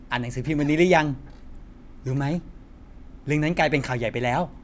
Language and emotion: Thai, happy